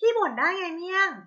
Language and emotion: Thai, frustrated